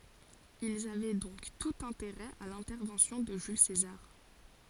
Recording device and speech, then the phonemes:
forehead accelerometer, read sentence
ilz avɛ dɔ̃k tut ɛ̃teʁɛ a lɛ̃tɛʁvɑ̃sjɔ̃ də ʒyl sezaʁ

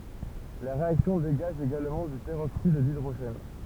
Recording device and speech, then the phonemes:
temple vibration pickup, read sentence
la ʁeaksjɔ̃ deɡaʒ eɡalmɑ̃ dy pəʁoksid didʁoʒɛn

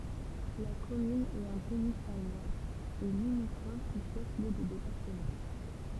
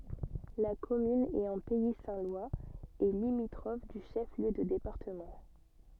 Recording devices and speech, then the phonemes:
temple vibration pickup, soft in-ear microphone, read sentence
la kɔmyn ɛt ɑ̃ pɛi sɛ̃ lwaz e limitʁɔf dy ʃɛf ljø də depaʁtəmɑ̃

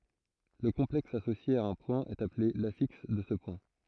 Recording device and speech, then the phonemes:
throat microphone, read sentence
lə kɔ̃plɛks asosje a œ̃ pwɛ̃ ɛt aple lafiks də sə pwɛ̃

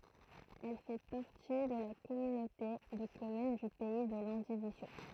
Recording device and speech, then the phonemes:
throat microphone, read sentence
ɛl fɛ paʁti də la kɔmynote də kɔmyn dy pɛi də lɑ̃divizjo

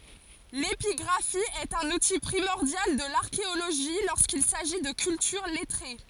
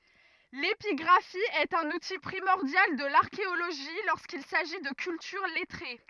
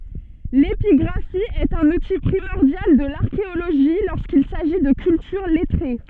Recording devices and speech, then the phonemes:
forehead accelerometer, rigid in-ear microphone, soft in-ear microphone, read sentence
lepiɡʁafi ɛt œ̃n uti pʁimɔʁdjal də laʁkeoloʒi loʁskil saʒi də kyltyʁ lɛtʁe

